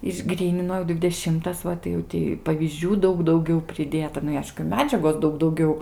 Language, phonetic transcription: Lithuanian, išˈgrynino dvideˈšimtas ˈva tai jau ˈtį pavyzˈdžių ˈdaug dauˈgiau priˈdėta ˈnu i ˈaišku ˈmedžiagos ˈdaug dauˈgiau

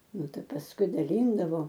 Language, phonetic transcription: Lithuanian, ˈnu ˈtai pasˈkui daˈlyndavo

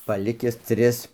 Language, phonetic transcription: Lithuanian, paˈlikis ˈtris

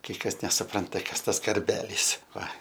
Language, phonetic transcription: Lithuanian, kai ˈkas nesuˈpranta ˈkas ˈtas karˈbelys ˈva

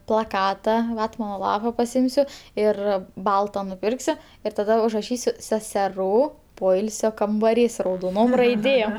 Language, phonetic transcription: Lithuanian, plaˈkata ˈvatmano ˈlapa paˈsimsiu ˈir ˈbalta nuˈpirksiu ir taˈda užraˈšysiu seseˈrų ˈpoilsio kambaˈrys raudoˈnom raiˈdėm

